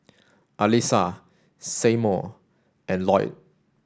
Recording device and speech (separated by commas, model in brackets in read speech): standing microphone (AKG C214), read sentence